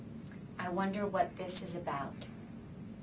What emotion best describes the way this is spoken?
neutral